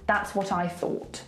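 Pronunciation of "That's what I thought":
In 'thought', the th is pronounced as a th sound, not turned into an f.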